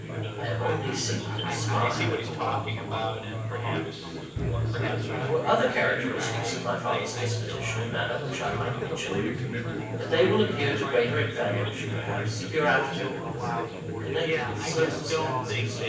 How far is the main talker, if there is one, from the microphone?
9.8 m.